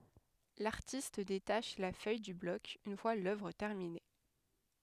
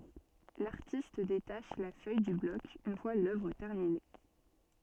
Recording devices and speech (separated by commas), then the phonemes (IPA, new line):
headset microphone, soft in-ear microphone, read sentence
laʁtist detaʃ la fœj dy blɔk yn fwa lœvʁ tɛʁmine